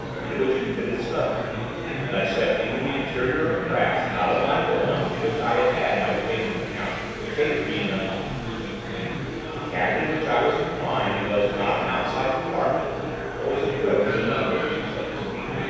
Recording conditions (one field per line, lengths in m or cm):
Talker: one person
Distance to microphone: 7.1 m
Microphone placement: far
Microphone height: 1.7 m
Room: very reverberant, large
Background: babble